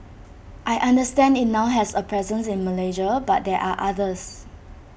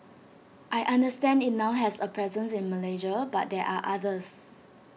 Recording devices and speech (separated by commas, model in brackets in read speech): boundary microphone (BM630), mobile phone (iPhone 6), read sentence